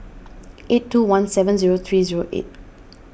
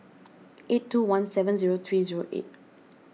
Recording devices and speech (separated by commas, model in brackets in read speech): boundary microphone (BM630), mobile phone (iPhone 6), read sentence